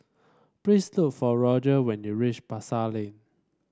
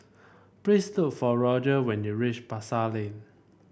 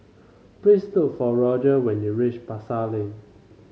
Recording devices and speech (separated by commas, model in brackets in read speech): standing microphone (AKG C214), boundary microphone (BM630), mobile phone (Samsung C5), read sentence